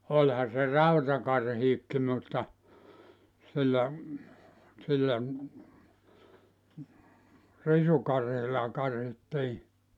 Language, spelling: Finnish, olihan se rautakarhikin mutta sillä sillä risukarhilla karhittiin
- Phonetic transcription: 'oĺha se "rautakarhiikki mutta , sillä , sillä , 'risukarhilla 'karhittii .

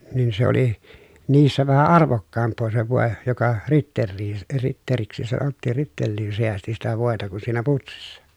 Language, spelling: Finnish, niin se oli niissä vähän arvokkaampaa se voi joka ritteliin ritteliksi sanottiin ritteliin säästi sitä voita kuin siinä putsissa
- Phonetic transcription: nin se ‿oli , niissä vähä arvokkaamp̆poo se vòe , joka , ritterriin , ritteriksi sanottiin , rittelliin seästi sitä vòeta kun siinä putsissa .

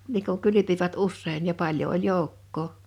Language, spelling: Finnish, niin kun kylpivät usein ja paljon oli joukkoa
- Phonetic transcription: nii ku 'kylypivät "ussein ja 'paĺjo oĺ "jòukkoo .

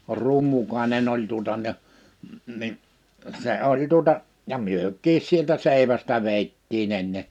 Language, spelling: Finnish, Rummukainen oli tuota ja niin se oli tuota ja mekin sieltä seivästä vedettiin ennen
- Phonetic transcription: Rummukaenen ‿oĺ tuᵒta ja , ni , 'se 'oĺ tuᵒta , ja 'myök̆kiis sieltä 'sèivästä 'vèittii'n ‿enne .

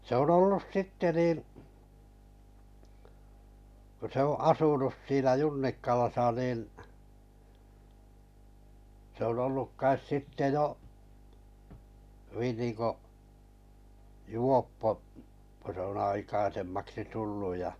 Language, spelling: Finnish, se on ollut sitten niin kun se on asunut siinä Junnikkalassa niin se on ollut kai sitten jo hyvin niin kuin juoppo kun se on aikaisemmaksi tullut ja
- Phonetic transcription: ‿se ‿on 'ollus "sitte niin̬ , kᵒ se o’ 'asunus siinä Junnikkalasa niin , se ‿on olluk 'kais 'sitte jo , (hy)vin nìŋko , "juoppo , ko se on 'aikaisemmaksi 'tullu ja ,.

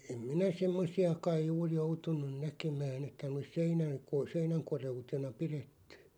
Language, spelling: Finnish, - en minä semmoisia kai juuri joutunut näkemään että ne olisi seinän - seinän koreutena pidetty
- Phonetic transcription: ᴇ- , 'em 'minä "semmosi₍a kaiʲ 'juur "joutun̆nuⁿ 'näkemään ‿että (ne ois) "seinäŋ ko- "seinäŋ 'kore₍utena "piretty .

